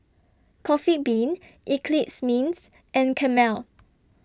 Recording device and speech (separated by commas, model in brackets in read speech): standing microphone (AKG C214), read sentence